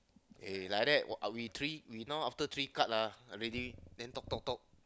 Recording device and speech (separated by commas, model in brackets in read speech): close-talking microphone, conversation in the same room